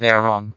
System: TTS, vocoder